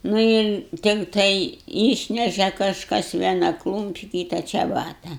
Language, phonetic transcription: Lithuanian, ˈnu ir tikˈtai ˈyšneše kažˈkas ˈviena ˈklūmpi ˈkyta čeˈbata

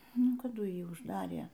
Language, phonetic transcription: Lithuanian, ˈnu kaˈdu ˈjį užˈdarė

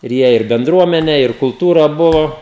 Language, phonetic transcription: Lithuanian, ir ˈjie ir benˈdruomenę ir kulˈtūrą ˈbuvo

